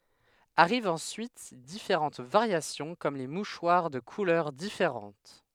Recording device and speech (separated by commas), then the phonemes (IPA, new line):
headset microphone, read sentence
aʁivt ɑ̃syit difeʁɑ̃t vaʁjasjɔ̃ kɔm le muʃwaʁ də kulœʁ difeʁɑ̃t